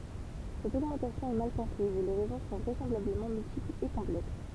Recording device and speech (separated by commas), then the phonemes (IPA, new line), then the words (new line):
temple vibration pickup, read sentence
sɛt oɡmɑ̃tasjɔ̃ ɛ mal kɔ̃pʁiz e le ʁɛzɔ̃ sɔ̃ vʁɛsɑ̃blabləmɑ̃ myltiplz e kɔ̃plɛks
Cette augmentation est mal comprise et les raisons sont vraisemblablement multiples et complexes.